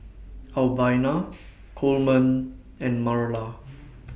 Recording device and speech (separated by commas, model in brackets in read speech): boundary microphone (BM630), read sentence